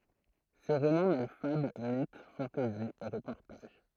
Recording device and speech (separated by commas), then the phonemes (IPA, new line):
throat microphone, read sentence
se ʁomɑ̃ mɛl fabl mit fɑ̃tɛzi e ʁəpɔʁtaʒ